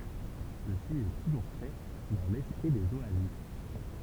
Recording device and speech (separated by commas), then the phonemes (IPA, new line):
temple vibration pickup, read sentence
səsi ɛ tuʒuʁ fɛ dɑ̃ lɛspʁi dez oazis